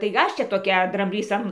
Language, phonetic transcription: Lithuanian, tai ˈaš ˈčia toˈkia dramˈblys an

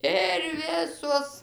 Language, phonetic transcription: Lithuanian, ir ˈvisuos

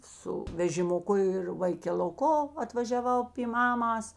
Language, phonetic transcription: Lithuanian, ˈsu vežimuˈku ir vaikeluˈko atvažiaˈvau py ˈmamas

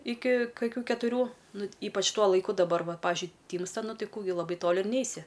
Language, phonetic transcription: Lithuanian, ˈiki kaˈkių ketuˈrių ˈnu ˈypač ˈtuo laiˈku daˈbar ˈva ˈpavižiui ˈtymsta ˈnu ˈtai ˈkų gi laˈbai ˈtoli ir ˈneisi

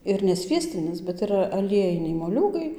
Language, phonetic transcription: Lithuanian, ir ne ˈsviestinis bet iˈra aˈliejiniai moˈliūgai

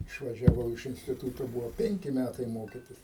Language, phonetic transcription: Lithuanian, išvažiaˈvau iš instiˈtūto ˈbuvo ˈpenki ˈmætai ˈmokytis

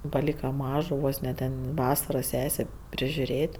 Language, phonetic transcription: Lithuanian, paˈlyka ˈmažo ˈvos ne ˈten ˈvasara ˈsesė prižiuˈrėt'

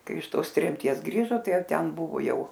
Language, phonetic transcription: Lithuanian, ˈkai iš ˈtos tremˈties ˈgrįžo ˈtai ˈjau ˈten ˈbuvo ˈjau

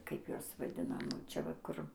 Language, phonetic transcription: Lithuanian, ˈkaip ˈjuos vaˈdinam ˈčia va ˈkur

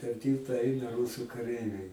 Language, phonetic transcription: Lithuanian, per ˈtylta ˈaina ˈrūsu kaˈreiviai

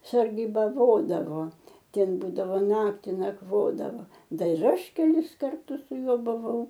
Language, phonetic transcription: Lithuanian, sargybaˈvodavo ˈten ˈbūdavo ˈnakti nakˈvodavo ˈdar ir ˈaš keˈlis karˈtus su ˈjuo buˈvau

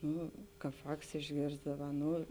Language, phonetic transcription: Lithuanian, ˈnu ˈkāp ˈvāks išˈgėrsdava ˈnu

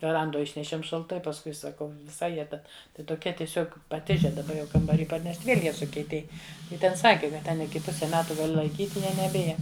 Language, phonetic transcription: Lithuanian, veˈrandoj ˈišnešiem šalˈtai pasˈkui saˈkau viˈsai ˈjie ˈten ˈtai toˈkie tieˈsiog paˈtiže daˈba jau kambarį parˈnešt' ˈviel' ˈjie sukieˈtėj ˈji ˈten ˈsaki kad ˈten iˈki ˈpuse ˈmetu gaˈli laiˈkyt' ˈjie neˈbija

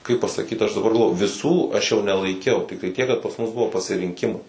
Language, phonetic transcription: Lithuanian, kaip pasaˈkyt ˈaš daˈbar galˈvoju viˈsų aš ˈjau nelaiˈkiau ˈtiktai ˈtiek kad pas ˈmus ˈbuvo pasirinˈkimai

